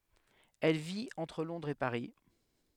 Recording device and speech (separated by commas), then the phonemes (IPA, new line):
headset microphone, read sentence
ɛl vit ɑ̃tʁ lɔ̃dʁz e paʁi